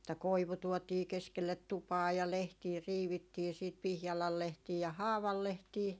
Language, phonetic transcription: Finnish, että "koivu 'tuotii 'keskellet "tupaa ja "lehtii 'riivittii siit 'pihjalal 'lehtii ja "haaval lehtii ,.
- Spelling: että koivu tuotiin keskelle tupaa ja lehtiä riivittiin sitten pihlajan lehtiä ja haavan lehtiä

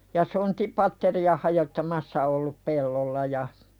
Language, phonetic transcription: Finnish, ja "sontipatteri₍a hajottamassa ollup 'pellolla ja .
- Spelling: ja sontapatteria hajottamassa ollut pellolla ja

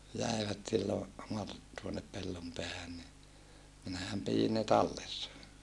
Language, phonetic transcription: Finnish, jä̀ivät sillo , Mar- , tuonep Pellompeähän ni , minähäm pijin ne tallessa .
- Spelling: jäivät silloin - tuone Pellonpäähän niin minähän pidin ne tallessa

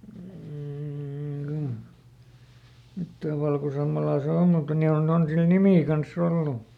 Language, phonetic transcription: Finnish, m̥ jottà ˈvalkosammalaa se ˈom mutta ˈni on , ˈon sil "nimì kanˈs ‿ollu .
- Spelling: mm jotta valkosammalaa se on mutta niin on on sillä nimi kanssa ollut

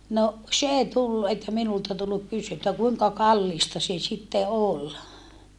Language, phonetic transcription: Finnish, no , s ‿èi tullu että minulta tulluk kysy - että kuiŋka kallìsta se sitte ol .
- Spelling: no se ei tullut että minulta tullut - että kuinka kallista se sitten oli

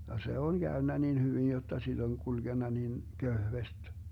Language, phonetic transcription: Finnish, ja 'se on "Gäönnä nin 'hyvin jotta siD ‿oŋ 'kulGenna nin , 'köhvest .
- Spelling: ja se on käynyt niin hyvin jotta sitä on kulkenut niin kevyesti

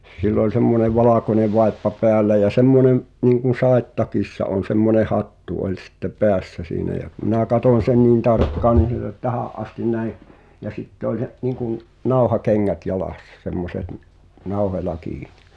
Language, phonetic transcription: Finnish, 'sill ‿ol semmonev "valàkone 'vai̬ppa 'peällä ja "semmonem , niiŋkun̬ 'sàet"takissa on̬ semmone 'hattu oĺ sⁱtte "peässä siinä jä kᵘ minä 'katòń sen niin 'tarkkaan nin̬ sill ‿ol "tähä’ ’astin 'näi’ , ja sitte oĺ se’ , niŋkun , "nauhakeŋŋät 'jalàssᴀ semmoset ⁿˉ , "nauhoĺa 'kiinɪ .
- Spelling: sillä oli semmoinen valkoinen vaippa päällä ja semmoinen niin kuin sadetakissa on semmoinen hattu oli sitten päässä siinä ja kun minä katsoin sen niin tarkkaan niin sillä oli tähän asti näin ja sitten oli se niin kuin nauhakengät jalassa semmoiset - nauhoilla kiinni

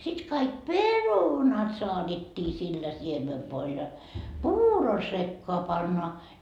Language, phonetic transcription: Finnish, sit kaik "perunat soaDetti sillä 'siemevvoil ja , "puuro sekkoa 'pannoa .
- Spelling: sitten kaikki perunat saatettiin sillä siemenvoilla ja puuron sekaan pannaan

